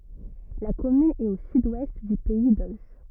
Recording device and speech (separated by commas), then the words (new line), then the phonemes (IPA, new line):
rigid in-ear microphone, read sentence
La commune est au sud-ouest du pays d'Auge.
la kɔmyn ɛt o syd wɛst dy pɛi doʒ